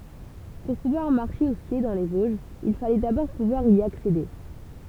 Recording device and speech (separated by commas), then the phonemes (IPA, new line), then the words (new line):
temple vibration pickup, read sentence
puʁ puvwaʁ maʁʃe u skje dɑ̃ le voʒz il falɛ dabɔʁ puvwaʁ i aksede
Pour pouvoir marcher ou skier dans les Vosges, il fallait d’abord pouvoir y accéder.